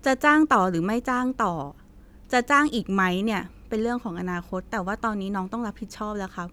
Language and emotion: Thai, neutral